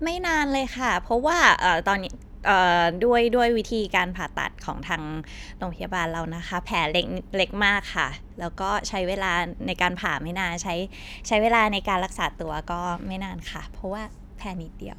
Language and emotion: Thai, neutral